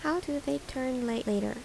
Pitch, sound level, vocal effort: 250 Hz, 80 dB SPL, soft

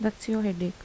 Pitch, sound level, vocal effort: 210 Hz, 77 dB SPL, soft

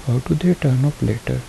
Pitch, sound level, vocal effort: 140 Hz, 72 dB SPL, soft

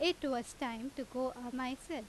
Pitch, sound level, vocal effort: 260 Hz, 88 dB SPL, loud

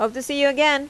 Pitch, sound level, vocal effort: 280 Hz, 89 dB SPL, loud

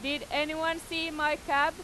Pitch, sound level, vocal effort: 310 Hz, 95 dB SPL, very loud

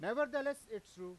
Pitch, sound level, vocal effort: 215 Hz, 101 dB SPL, very loud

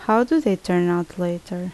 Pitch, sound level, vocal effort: 180 Hz, 78 dB SPL, normal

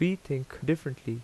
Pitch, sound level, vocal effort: 145 Hz, 81 dB SPL, normal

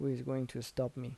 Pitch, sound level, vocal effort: 130 Hz, 77 dB SPL, soft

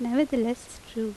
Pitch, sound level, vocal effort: 240 Hz, 81 dB SPL, normal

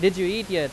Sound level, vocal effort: 93 dB SPL, very loud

